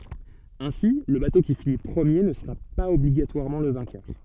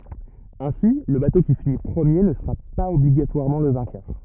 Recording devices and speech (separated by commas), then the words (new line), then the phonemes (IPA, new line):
soft in-ear microphone, rigid in-ear microphone, read sentence
Ainsi, le bateau qui finit premier ne sera pas obligatoirement le vainqueur.
ɛ̃si lə bato ki fini pʁəmje nə səʁa paz ɔbliɡatwaʁmɑ̃ lə vɛ̃kœʁ